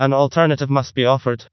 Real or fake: fake